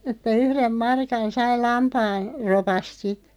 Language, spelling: Finnish, että yhden markan sai - lampaanropasta sitten
- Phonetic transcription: että "yhrem 'markan 'sai 'lampaan̬- , '-ropast sit .

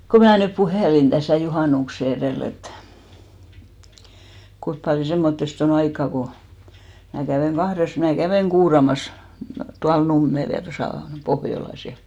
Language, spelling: Finnish, kun minä nyt puhelin tässä juhannuksen edellä että kuinka paljon semmoisesta on aikaa kun minä kävin kahdessa minä kävin kuuraamassa tuolla Nummella ja tuossa Pohjolassa ja
- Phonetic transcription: ko 'mää nyp "puhèlin ᴅäsä̀ 'juhànukse erèl ‿et , 'kuip paljo 'semmottest ‿o'n ‿aikk'a ko , mä 'kävèŋ 'ɢahres , mää 'kävèŋ "ɢuuramas , 'tual "Nummel ja 'tosà , "Pohjolas ja .

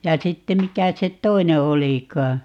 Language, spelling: Finnish, ja sitten mikä se toinen olikaan
- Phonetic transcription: ja 'sitte 'mikä 'se "t̀oine 'olikaa ?

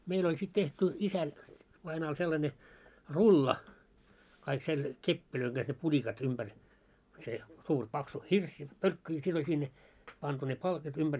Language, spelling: Finnish, meillä oli sitten tehty isä vainajalla sellainen rulla kaikki - kepein kanssa ne pulikat ympäri se suuri paksu hirsi pölkky ja sitten oli sinne pantu ne palkit ympäri
- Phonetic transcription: 'meil ‿oĺ sit tehty , 'isä , vainaal sellańe , "rulla , kaik sel- , "keppilöiŋ ɢas ne 'puĺikat 'umʙär , se , 'suur 'paksu "hirs , 'pölkky ja sit oĺ 'sinne , pantu ne 'palkit ymʙär .

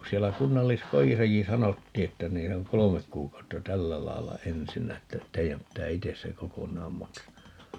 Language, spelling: Finnish, kun siellä kunnalliskodissakin sanottiin että niin se on kolme kuukautta tällä lailla ensinnä että teidän pitää itse se kokonaan maksaa
- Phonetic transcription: (ku) 'siellä 'kunnallis"kojisaki "sanottii että 'nii se oŋ "kolomek 'kuuk̀autta "tällä 'lai̮lla "ensinnä että , 'tei₍äm pittää "ites se "kokoǹaam 'maksaa .

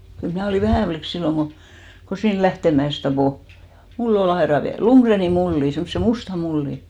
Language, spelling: Finnish, kyllä minä olin vähä likka silloin kun kun siinä Lähteenmäessä tappoi mulli oli aidan vieressä Ludgrenin mulli semmoisen musta mulli
- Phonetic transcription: kyl 'mnä̀ olì 'vähä̀ flik 'silloŋ ɢo , ko 'siin "Lähtèmä₍ès 'tapò , 'mull ‿o'l ‿aera viäre(s) , 'Luŋɢreeni 'mulli , semmᵒse "musta 'mulli .

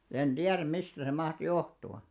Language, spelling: Finnish, en tiedä mistä se mahtaa johtua
- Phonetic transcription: 'er 'ᴅiärᵃ̈m̆§ "mistä se 'maht "johtu₍a .

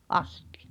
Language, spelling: Finnish, astia
- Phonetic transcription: '’astᴵᴶᴬ .

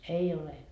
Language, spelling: Finnish, ei ole
- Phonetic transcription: 'ei ole .

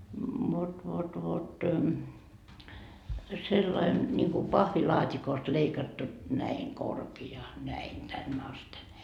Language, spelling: Finnish, vot vot vot sellainen niin kuin pahvilaatikosta leikattu näin korkea näin tänne asti
- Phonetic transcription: vot vot vot , sellain , ńiŋku 'pahvilaat́ikost leikattu , 'näiŋ 'korki₍a , näin 'tänn ‿asten .

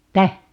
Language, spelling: Finnish, mitä
- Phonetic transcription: tä ?

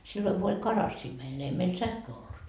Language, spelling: Finnish, silloin kun oli karassia meillä ne ei meillä sähköä ollut
- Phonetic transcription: silloŋ ku oĺ "karassii meil ne ei meil 'sähköö ollut .

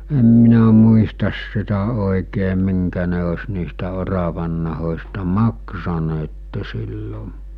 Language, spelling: Finnish, en minä muista sitä oikein minkä ne olisi niistä oravannahoista maksaneet silloin
- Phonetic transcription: 'em minä muistas sitä òikee 'miŋkä ne os niistä 'oravannahos̜ta 'maksaneette sillo ,.

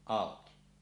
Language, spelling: Finnish, auki
- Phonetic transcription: àoki .

